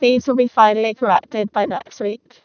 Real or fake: fake